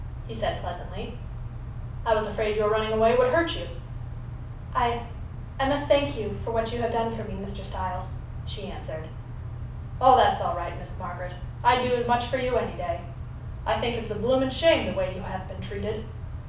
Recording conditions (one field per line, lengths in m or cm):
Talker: one person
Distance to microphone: 5.8 m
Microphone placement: far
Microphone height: 1.8 m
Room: medium-sized (5.7 m by 4.0 m)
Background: none